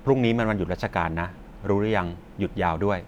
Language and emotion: Thai, neutral